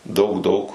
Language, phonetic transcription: Lithuanian, ˈdaug ˈdaug

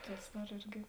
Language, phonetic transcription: Lithuanian, ˈtus ˈdar ˈirgi

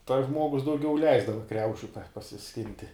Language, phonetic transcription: Lithuanian, tas ˈžmuogus dauˈgiau ˈleisdava ˈkriaušiu pa pasiˈskinti

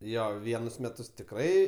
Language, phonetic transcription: Lithuanian, ˈjo ˈvienus ˈmetus tikˈrai

